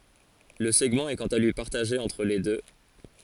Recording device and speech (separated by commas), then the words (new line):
forehead accelerometer, read sentence
Le segment est quant à lui partagé entre les deux.